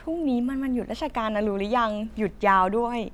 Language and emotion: Thai, happy